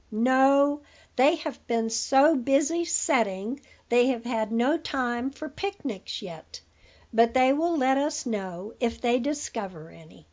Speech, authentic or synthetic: authentic